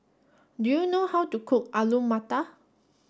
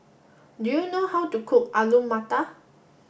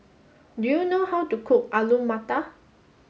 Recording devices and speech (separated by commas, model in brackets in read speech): standing microphone (AKG C214), boundary microphone (BM630), mobile phone (Samsung S8), read sentence